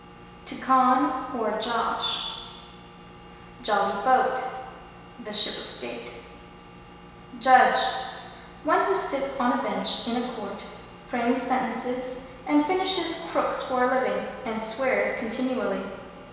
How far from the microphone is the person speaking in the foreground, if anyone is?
1.7 m.